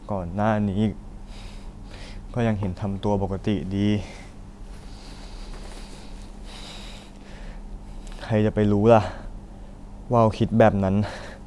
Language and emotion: Thai, sad